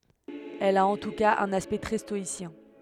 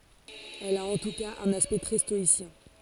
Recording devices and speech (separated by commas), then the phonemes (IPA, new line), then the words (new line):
headset microphone, forehead accelerometer, read sentence
ɛl a ɑ̃ tu kaz œ̃n aspɛkt tʁɛ stɔisjɛ̃
Elle a en tout cas un aspect très stoïcien.